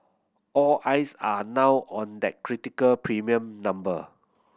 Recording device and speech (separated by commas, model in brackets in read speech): boundary microphone (BM630), read sentence